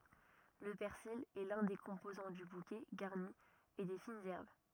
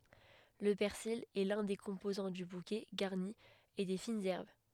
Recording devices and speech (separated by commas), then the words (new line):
rigid in-ear microphone, headset microphone, read sentence
Le persil est l'un des composants du bouquet garni et des fines herbes.